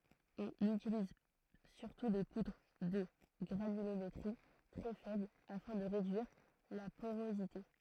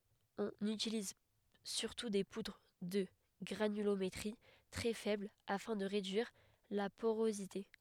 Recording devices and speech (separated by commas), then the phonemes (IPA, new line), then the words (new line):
throat microphone, headset microphone, read sentence
ɔ̃n ytiliz syʁtu de pudʁ də ɡʁanylometʁi tʁɛ fɛbl afɛ̃ də ʁedyiʁ la poʁozite
On utilise surtout des poudres de granulométrie très faible afin de réduire la porosité.